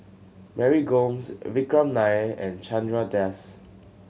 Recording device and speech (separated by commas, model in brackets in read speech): mobile phone (Samsung C7100), read sentence